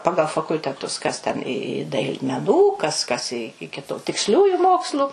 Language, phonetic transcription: Lithuanian, ˈpagal fakulteˈtus kas ten i i dail meˈnų ˈkas ˈkas i iki tu tiksˈliųju ˈmokslu

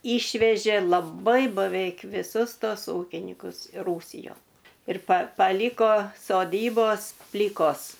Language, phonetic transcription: Lithuanian, ˈyšvežė laˈbai baˈveik viˈsus ˈtos ˈūkinikus i ˈrūsijon ir pa paˈlyko soˈdybos ˈplykos

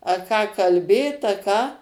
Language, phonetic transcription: Lithuanian, a ˈką kalˈbėt a ˈką

